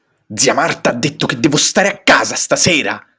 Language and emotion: Italian, angry